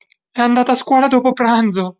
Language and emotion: Italian, fearful